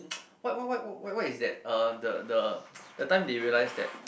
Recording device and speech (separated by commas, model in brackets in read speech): boundary microphone, conversation in the same room